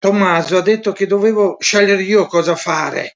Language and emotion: Italian, sad